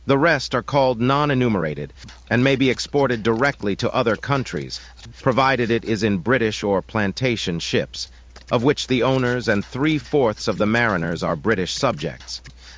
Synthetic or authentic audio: synthetic